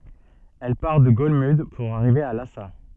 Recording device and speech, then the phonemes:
soft in-ear microphone, read sentence
ɛl paʁ də ɡɔlmyd puʁ aʁive a lasa

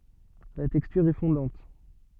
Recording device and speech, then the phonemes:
soft in-ear microphone, read sentence
la tɛkstyʁ ɛ fɔ̃dɑ̃t

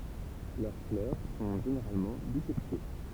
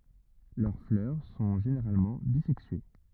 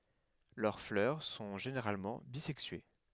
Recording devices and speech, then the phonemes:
temple vibration pickup, rigid in-ear microphone, headset microphone, read sentence
lœʁ flœʁ sɔ̃ ʒeneʁalmɑ̃ bizɛksye

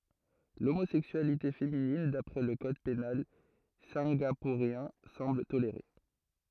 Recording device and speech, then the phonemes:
throat microphone, read sentence
lomozɛksyalite feminin dapʁɛ lə kɔd penal sɛ̃ɡapuʁjɛ̃ sɑ̃bl toleʁe

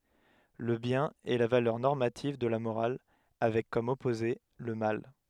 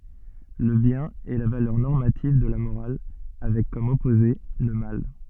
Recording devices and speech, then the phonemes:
headset microphone, soft in-ear microphone, read sentence
lə bjɛ̃n ɛ la valœʁ nɔʁmativ də la moʁal avɛk kɔm ɔpoze lə mal

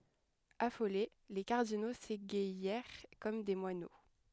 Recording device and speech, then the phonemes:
headset microphone, read sentence
afole le kaʁdino seɡajɛʁ kɔm de mwano

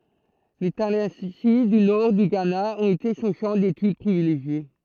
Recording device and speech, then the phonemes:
throat microphone, read sentence
le talɑ̃si dy nɔʁ dy ɡana ɔ̃t ete sɔ̃ ʃɑ̃ detyd pʁivileʒje

